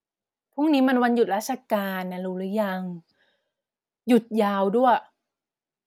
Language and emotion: Thai, frustrated